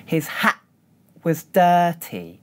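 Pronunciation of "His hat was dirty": There is no t sound at the end of 'hat'. Instead the sound stops and is held for a moment, in an exaggerated way, before going on to 'was'.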